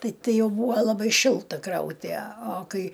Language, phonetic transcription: Lithuanian, ˈtai ˈtai ˈjau ˈbūva laˈbai ˈšilta ˈkrauti a o ˈkai

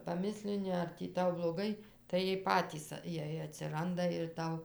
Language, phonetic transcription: Lithuanian, paˈmislini ar ˈtį ˈtau bloˈgai tai ˈjiej ˈpatys ˈjiej atsiˈranda ir ˈtau

